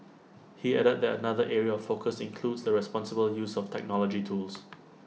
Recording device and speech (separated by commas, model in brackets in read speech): mobile phone (iPhone 6), read sentence